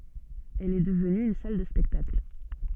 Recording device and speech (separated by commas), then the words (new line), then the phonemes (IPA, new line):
soft in-ear microphone, read sentence
Elle est devenue une salle de spectacle.
ɛl ɛ dəvny yn sal də spɛktakl